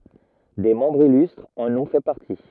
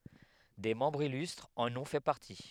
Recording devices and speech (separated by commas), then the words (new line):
rigid in-ear microphone, headset microphone, read sentence
Des membres illustres en ont fait partie.